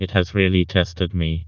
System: TTS, vocoder